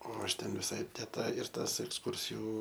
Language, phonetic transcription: Lithuanian, o ˈaš ˈten viˈsai te ˈta ir ˈtas eksˈkursiju

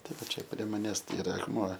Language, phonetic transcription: Lithuanian, taˈda ˈčia prie maˈnęs iˈra akˈmuo

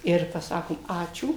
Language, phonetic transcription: Lithuanian, ir paˈsakom ˈačiū

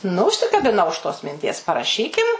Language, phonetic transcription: Lithuanian, nu užsikabiˈnau už tos minˈties paraˈšykim

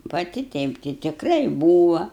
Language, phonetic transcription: Lithuanian, paˈti ˈteip ti tikˈrai ˈbūva

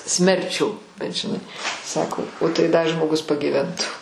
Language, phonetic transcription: Lithuanian, ˈsmerˌčių bet žiˈnai ˈsako o tai ˈda žmoˈgus pagyˈventu

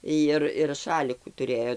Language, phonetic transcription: Lithuanian, ˈjir ir ˈšalikų tuˈrėjo

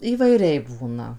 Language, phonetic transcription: Lithuanian, įvaiˈriai ˈbūna

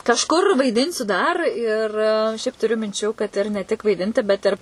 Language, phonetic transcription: Lithuanian, kažˈkur vaiˈdinsiu dar ir ˈšiaip tuˈriu minˈčių kad ir ne tik vaiˈdinti ˈbet ir

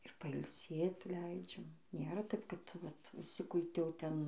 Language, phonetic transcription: Lithuanian, ir pailˈsėt ˈleidžiam ˈnėra ˈtaip kad ˈvat užˈsikuitiau ˈten

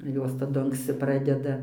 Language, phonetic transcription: Lithuanian, ˈjos taˈdu anksˈci ˈpradeda

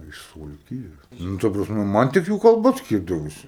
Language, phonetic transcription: Lithuanian, iš suvalˈkijos ˈnu ˈta prasˈme ˈman tik ˈjų kalˈba ˈskyrdavosi

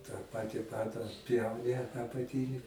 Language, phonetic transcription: Lithuanian, tą ˈpati ˈpada atˈpjauni apaˈtini

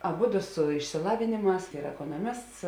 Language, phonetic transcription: Lithuanian, aˈbudu su išsiˈlavėnėˌmās ˈyr ekonoˈmists

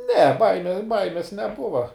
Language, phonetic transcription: Lithuanian, ne ˈbaime ˈbaimės neˈbuva

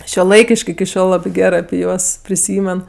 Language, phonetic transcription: Lithuanian, šiuoˈlaikiš'k' iki ˈšiol ˈlabi ˈgerɜ api ˈjuos priˈsymen

